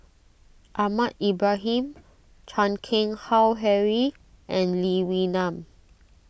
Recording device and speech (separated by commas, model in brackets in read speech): boundary microphone (BM630), read sentence